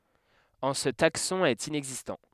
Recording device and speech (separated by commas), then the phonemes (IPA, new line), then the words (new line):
headset microphone, read sentence
ɑ̃ sə taksɔ̃ ɛt inɛɡzistɑ̃
En ce taxon est inexistant.